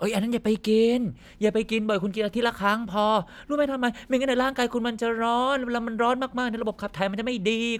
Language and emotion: Thai, frustrated